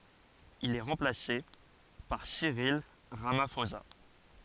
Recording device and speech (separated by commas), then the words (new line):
forehead accelerometer, read sentence
Il est remplacé par Cyril Ramaphosa.